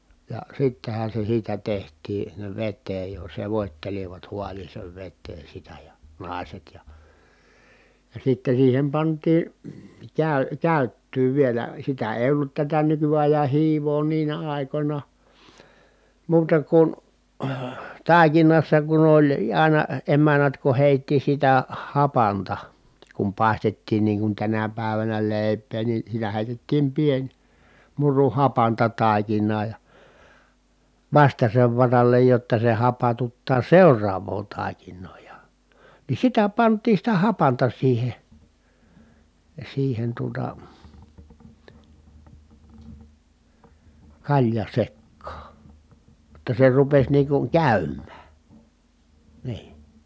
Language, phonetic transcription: Finnish, ja sittehän̬ se siitä teht̀ii , sinnev vetteej jo , sevòt́telivat hualiiseev vettee sitä ja , nài̮set ja , ja sitten̬ siihem pant̀ii , kä̀y- , kä̀yttyy vielä sitä èi̮ ollut tätä nykyajan̬ hiivoo niinä ài̮końa , muuta kun , tàikinassa kun ‿oĺ ài̮na emännät ku hèitti sitä , hapanta , kum pài̮stettiin niiŋ kun tänä pä̀evänä lèi̮p̆pee ni sitä hèitettiim pień , muru hapanta tàikin̆naa ja , vastasev varallej jotta se hapatuttaa seur̆raav̀oo tài̮kin̆noo ja , ni sitä pant̆tiin̬ sitä hapanta siihe , siihen tuota , kaĺja sekkaa , [j]otta se rupes niiŋ kuŋ kä̀ym̆mää , nii .
- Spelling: ja sittenhän se siitä tehtiin sinne veteen jo sekoittelivat haaleaan veteen sitä ja naiset ja ja sitten siihen pantiin - käyttöä vielä sitä ei ollut tätä nykyajan hiivaa niinä aikoina muuta kuin taikinassa kun oli aina emännät kun heitti sitä hapanta kun paistettiin niin kuin tänä päivänä leipää niin sitä heitettiin pieni muru hapanta taikinaa ja vastaisen varalle jotta se hapatuttaa seuraavaa taikinaa ja niin sitä pantiin sitä hapanta siihen siihen tuota kaljan sekaan jotta se rupesi niin kuin käymään niin

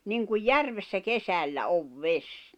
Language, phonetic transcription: Finnish, niŋkuj "järvessä "kesällä "ov "ves .
- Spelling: niin kuin järvessä kesällä on vesi

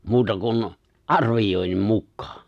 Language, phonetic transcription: Finnish, 'muuta kun , "’arvijòi̬nnim 'mukkᴀᴀ .
- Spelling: muuta kuin arvioinnin mukaan

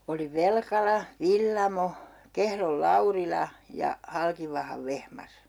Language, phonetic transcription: Finnish, oli "Velkala , "Villamo , 'Kehrol "Laurila , ja , 'Halkivahav 'Vehmas .
- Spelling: oli Velkala Villamo Kehron Laurila ja Halkivahan Vehmas

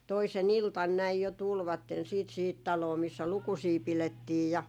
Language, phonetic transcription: Finnish, 'toise"n ‿iltan 'näij jo 'tulvatten siit sihit 'taloo missä "lukusii 'pilettiij ja ,.
- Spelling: toisena iltana näin jo tulivat sitten siihen taloon missä lukusia pidettiin ja

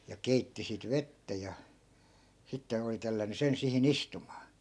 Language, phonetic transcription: Finnish, ja 'keitti sit 'vettä ja , 'sitten̬ ‿oli tellän̆ny 'sen 'sihi"n ‿istumaa .
- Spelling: ja keitti sitten vettä ja sitten oli tellännyt sen siihen istumaan

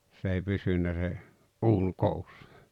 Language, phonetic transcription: Finnish, 's ‿èi 'pysynnä se , "’uun "koussᴀ .
- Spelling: se ei pysynyt se uuni koossa

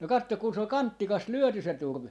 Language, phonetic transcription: Finnish, no 'katto kun se ‿ol "kanttikas "lyöty se 'turv̀e .
- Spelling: no katso kun se oli kantikas lyöty se turve

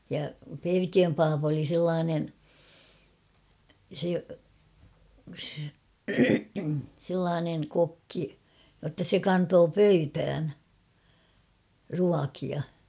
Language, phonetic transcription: Finnish, ja "Perkiöm 'paapᵃ oli "sellaanen̬ , se , 'sellaanen̳ 'kokki , ʲotta 'se "kantoo "pöytään , 'ruakia .
- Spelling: ja Perkiön pappa oli sellainen se sellainen kokki jotta se kantoi pöytään ruokia

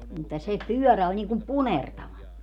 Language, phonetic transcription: Finnish, mutta se "pyɔ̈̀rä oĺ niiŋkum "punertava .
- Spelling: mutta se pyörä oli niin kuin punertava

